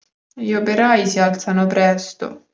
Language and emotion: Italian, sad